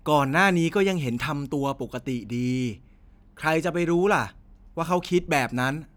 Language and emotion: Thai, frustrated